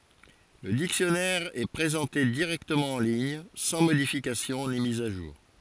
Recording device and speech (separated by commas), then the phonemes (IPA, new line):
forehead accelerometer, read sentence
lə diksjɔnɛʁ ɛ pʁezɑ̃te diʁɛktəmɑ̃ ɑ̃ liɲ sɑ̃ modifikasjɔ̃ ni miz a ʒuʁ